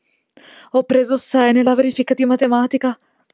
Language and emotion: Italian, fearful